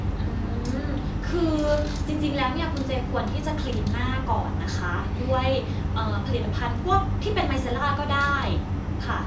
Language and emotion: Thai, neutral